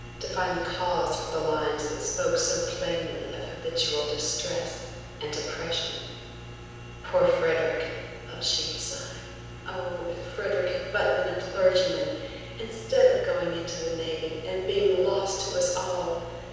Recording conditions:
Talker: one person; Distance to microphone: 7.1 m; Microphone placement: far; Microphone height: 1.7 m; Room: very reverberant, large; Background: none

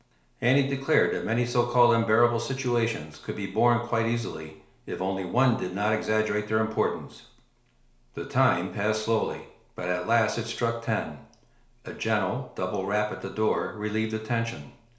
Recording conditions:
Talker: one person; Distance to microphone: 1.0 m; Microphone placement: close; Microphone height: 1.1 m; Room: small (3.7 m by 2.7 m); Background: none

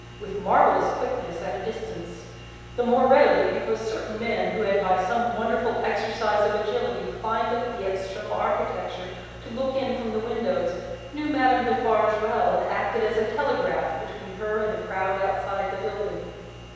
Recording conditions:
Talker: one person; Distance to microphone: 7.1 m; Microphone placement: far; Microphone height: 1.7 m; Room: very reverberant, large; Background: none

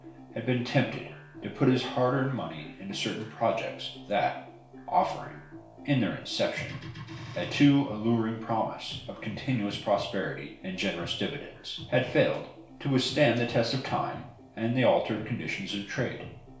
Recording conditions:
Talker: one person; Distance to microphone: 1.0 m; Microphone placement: close; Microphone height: 1.1 m; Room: small (3.7 m by 2.7 m); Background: music

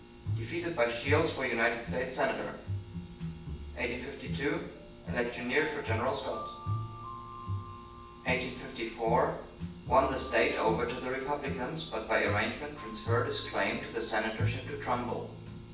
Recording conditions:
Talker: one person; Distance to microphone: 9.8 m; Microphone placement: far; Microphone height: 1.8 m; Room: large; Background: music

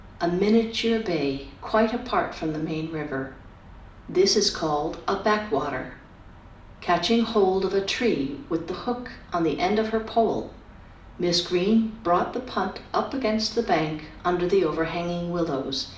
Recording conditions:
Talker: one person; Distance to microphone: 2.0 m; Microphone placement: close; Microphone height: 99 cm; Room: medium-sized (5.7 m by 4.0 m); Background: none

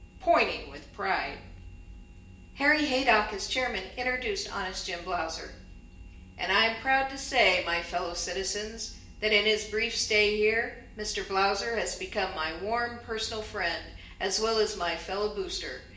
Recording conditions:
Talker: one person; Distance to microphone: 1.8 m; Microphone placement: close; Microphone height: 1.0 m; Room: large; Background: none

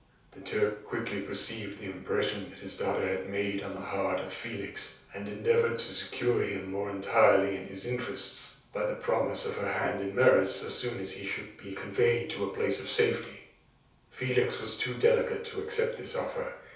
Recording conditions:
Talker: one person; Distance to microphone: 3.0 m; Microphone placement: far; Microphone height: 1.8 m; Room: small (3.7 m by 2.7 m); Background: none

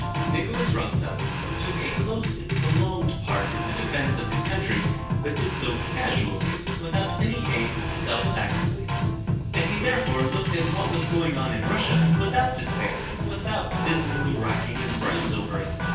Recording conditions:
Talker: one person; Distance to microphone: 9.8 m; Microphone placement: far; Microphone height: 1.8 m; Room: large; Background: music

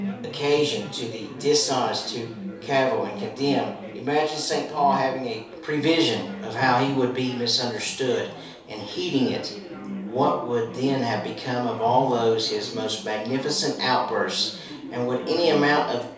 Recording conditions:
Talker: one person; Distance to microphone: 3.0 m; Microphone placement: far; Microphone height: 1.8 m; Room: small (3.7 m by 2.7 m); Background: babble

